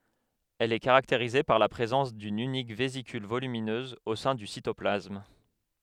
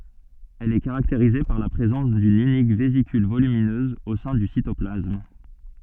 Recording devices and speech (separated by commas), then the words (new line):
headset microphone, soft in-ear microphone, read sentence
Elle est caractérisée par la présence d'une unique vésicule volumineuse au sein du cytoplasme.